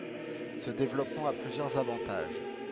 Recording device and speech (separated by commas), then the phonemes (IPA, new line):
headset microphone, read sentence
sə devlɔpmɑ̃ a plyzjœʁz avɑ̃taʒ